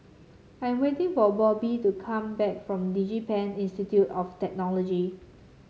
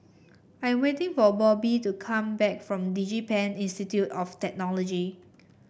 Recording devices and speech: mobile phone (Samsung C7), boundary microphone (BM630), read sentence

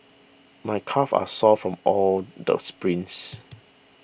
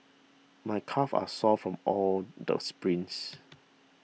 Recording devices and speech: boundary microphone (BM630), mobile phone (iPhone 6), read sentence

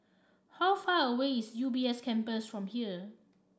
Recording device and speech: standing microphone (AKG C214), read sentence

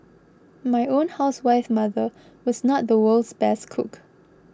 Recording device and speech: close-talking microphone (WH20), read sentence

